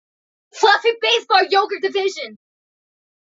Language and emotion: English, happy